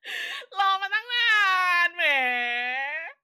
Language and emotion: Thai, happy